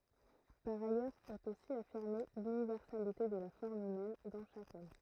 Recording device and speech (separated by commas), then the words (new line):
throat microphone, read sentence
Par ailleurs est aussi affirmée l'universalité de la forme humaine dans chaque homme.